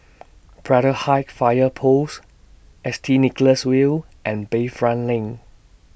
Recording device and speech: boundary microphone (BM630), read sentence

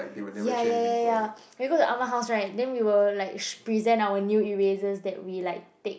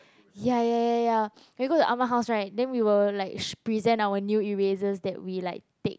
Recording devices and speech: boundary microphone, close-talking microphone, conversation in the same room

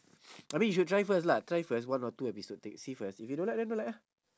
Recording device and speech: standing microphone, conversation in separate rooms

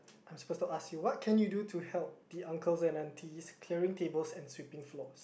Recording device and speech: boundary microphone, conversation in the same room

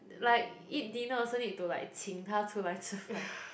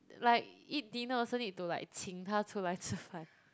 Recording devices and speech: boundary microphone, close-talking microphone, conversation in the same room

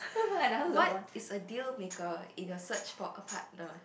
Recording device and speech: boundary microphone, conversation in the same room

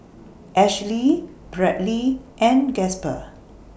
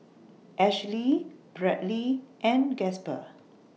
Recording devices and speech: boundary microphone (BM630), mobile phone (iPhone 6), read sentence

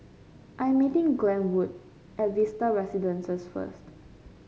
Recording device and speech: mobile phone (Samsung C5), read sentence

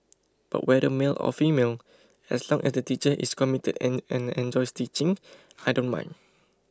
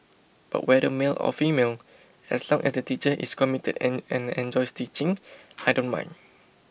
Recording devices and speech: close-talking microphone (WH20), boundary microphone (BM630), read sentence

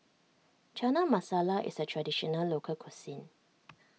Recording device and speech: mobile phone (iPhone 6), read sentence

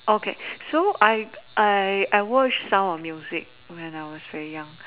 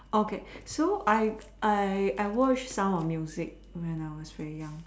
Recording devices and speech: telephone, standing microphone, conversation in separate rooms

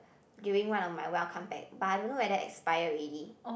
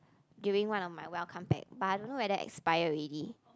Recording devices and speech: boundary microphone, close-talking microphone, conversation in the same room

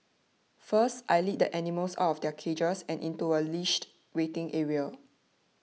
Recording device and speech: mobile phone (iPhone 6), read sentence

